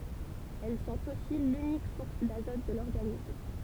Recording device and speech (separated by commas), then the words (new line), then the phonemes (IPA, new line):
temple vibration pickup, read sentence
Elles sont aussi l’unique source d'azote de l'organisme.
ɛl sɔ̃t osi lynik suʁs dazɔt də lɔʁɡanism